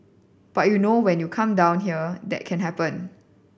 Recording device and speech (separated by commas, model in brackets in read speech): boundary microphone (BM630), read sentence